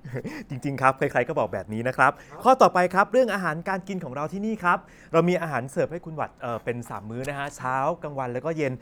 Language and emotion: Thai, happy